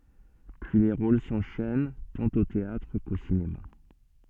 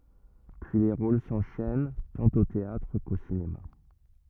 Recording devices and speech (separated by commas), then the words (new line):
soft in-ear microphone, rigid in-ear microphone, read sentence
Puis les rôles s'enchaînent tant au théâtre qu'au cinéma.